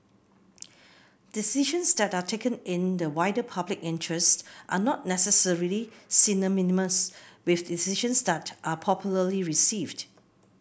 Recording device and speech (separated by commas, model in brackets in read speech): boundary microphone (BM630), read sentence